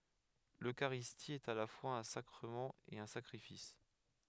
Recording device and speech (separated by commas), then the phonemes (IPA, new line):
headset microphone, read sentence
løkaʁisti ɛt a la fwaz œ̃ sakʁəmɑ̃ e œ̃ sakʁifis